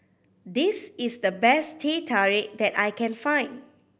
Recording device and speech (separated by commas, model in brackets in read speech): boundary microphone (BM630), read sentence